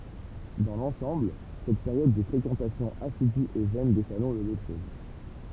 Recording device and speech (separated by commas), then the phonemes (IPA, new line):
temple vibration pickup, read sentence
dɑ̃ lɑ̃sɑ̃bl sɛt peʁjɔd də fʁekɑ̃tasjɔ̃ asidy e vɛn de salɔ̃ lə depʁim